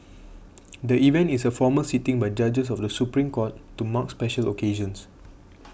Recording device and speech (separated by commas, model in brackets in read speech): boundary microphone (BM630), read sentence